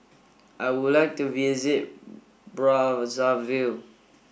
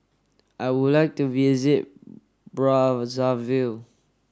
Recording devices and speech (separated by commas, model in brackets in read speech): boundary microphone (BM630), standing microphone (AKG C214), read sentence